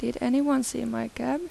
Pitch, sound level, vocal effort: 260 Hz, 84 dB SPL, soft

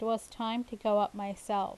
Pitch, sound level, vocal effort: 220 Hz, 84 dB SPL, normal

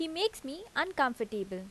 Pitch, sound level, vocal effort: 275 Hz, 85 dB SPL, loud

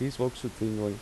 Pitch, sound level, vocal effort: 120 Hz, 84 dB SPL, normal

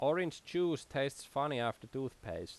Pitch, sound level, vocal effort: 135 Hz, 88 dB SPL, loud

